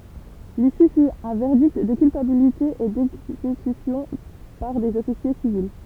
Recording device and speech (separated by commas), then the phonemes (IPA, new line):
temple vibration pickup, read sentence
lisy fy œ̃ vɛʁdikt də kylpabilite e dɛɡzekysjɔ̃ paʁ dez ɔfisje sivil